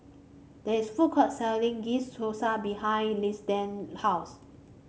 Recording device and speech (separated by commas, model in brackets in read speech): mobile phone (Samsung C5), read sentence